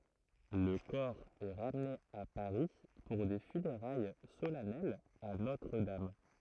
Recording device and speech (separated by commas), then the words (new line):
throat microphone, read sentence
Le corps est ramené à Paris pour des funérailles solennelles à Notre-Dame.